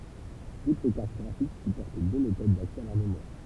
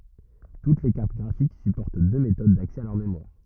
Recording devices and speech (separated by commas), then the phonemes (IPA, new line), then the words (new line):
temple vibration pickup, rigid in-ear microphone, read sentence
tut le kaʁt ɡʁafik sypɔʁt dø metod daksɛ a lœʁ memwaʁ
Toutes les cartes graphiques supportent deux méthodes d’accès à leur mémoire.